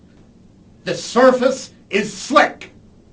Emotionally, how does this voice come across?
angry